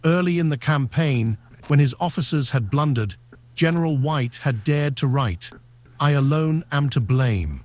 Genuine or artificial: artificial